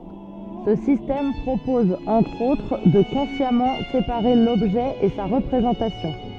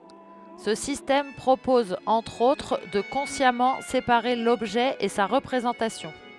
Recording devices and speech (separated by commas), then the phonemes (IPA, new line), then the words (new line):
soft in-ear microphone, headset microphone, read sentence
sə sistɛm pʁopɔz ɑ̃tʁ otʁ də kɔ̃sjamɑ̃ sepaʁe lɔbʒɛ e sa ʁəpʁezɑ̃tasjɔ̃
Ce système propose, entre autres, de consciemment séparer l'objet et sa représentation.